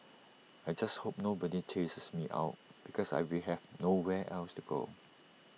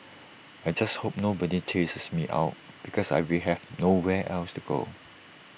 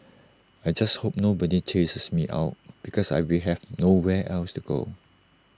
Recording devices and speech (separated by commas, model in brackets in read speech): mobile phone (iPhone 6), boundary microphone (BM630), standing microphone (AKG C214), read sentence